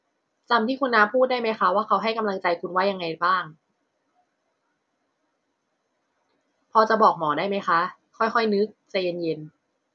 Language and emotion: Thai, neutral